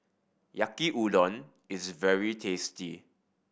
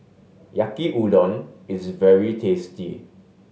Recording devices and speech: boundary microphone (BM630), mobile phone (Samsung S8), read sentence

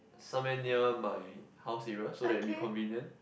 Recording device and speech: boundary microphone, conversation in the same room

